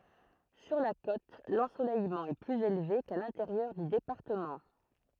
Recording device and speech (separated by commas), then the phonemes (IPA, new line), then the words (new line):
throat microphone, read sentence
syʁ la kot lɑ̃solɛjmɑ̃ ɛ plyz elve ka lɛ̃teʁjœʁ dy depaʁtəmɑ̃
Sur la côte, l'ensoleillement est plus élevé qu'à l'intérieur du département.